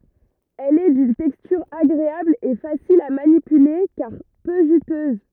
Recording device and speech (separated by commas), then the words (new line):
rigid in-ear microphone, read sentence
Elle est d'une texture agréable et facile à manipuler car peu juteuse.